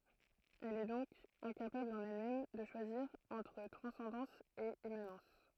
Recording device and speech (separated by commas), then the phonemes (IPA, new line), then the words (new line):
throat microphone, read sentence
ɛl ɛ dɔ̃k ɛ̃kapabl ɑ̃n ɛlmɛm də ʃwaziʁ ɑ̃tʁ tʁɑ̃sɑ̃dɑ̃s e immanɑ̃s
Elle est donc incapable en elle-même de choisir entre transcendance et immanence...